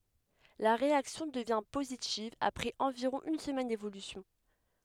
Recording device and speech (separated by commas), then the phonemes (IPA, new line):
headset microphone, read sentence
la ʁeaksjɔ̃ dəvjɛ̃ pozitiv apʁɛz ɑ̃viʁɔ̃ yn səmɛn devolysjɔ̃